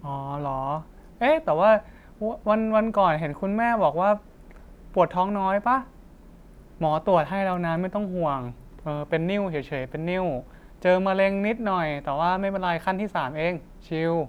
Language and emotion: Thai, neutral